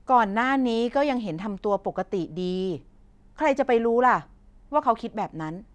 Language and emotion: Thai, frustrated